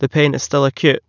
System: none